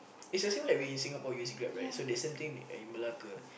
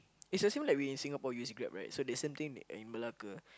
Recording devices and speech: boundary microphone, close-talking microphone, conversation in the same room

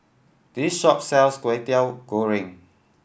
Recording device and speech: boundary microphone (BM630), read sentence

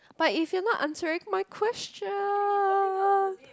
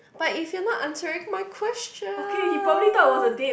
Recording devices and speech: close-talking microphone, boundary microphone, conversation in the same room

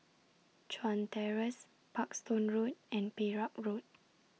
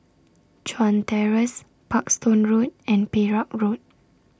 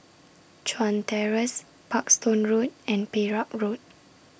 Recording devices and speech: mobile phone (iPhone 6), standing microphone (AKG C214), boundary microphone (BM630), read sentence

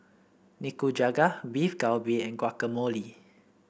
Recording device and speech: boundary microphone (BM630), read sentence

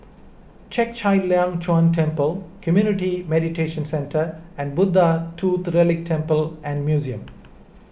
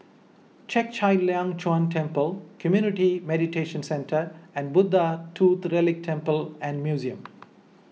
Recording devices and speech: boundary microphone (BM630), mobile phone (iPhone 6), read sentence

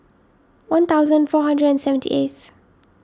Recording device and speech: standing microphone (AKG C214), read sentence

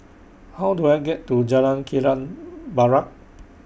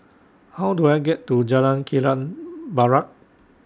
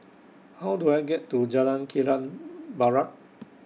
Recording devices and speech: boundary microphone (BM630), standing microphone (AKG C214), mobile phone (iPhone 6), read sentence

